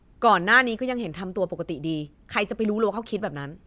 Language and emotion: Thai, frustrated